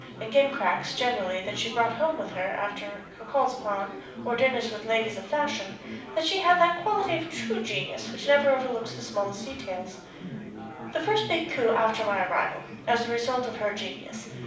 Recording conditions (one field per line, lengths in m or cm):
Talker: one person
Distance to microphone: 5.8 m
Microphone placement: far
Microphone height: 1.8 m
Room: medium-sized (5.7 m by 4.0 m)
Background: babble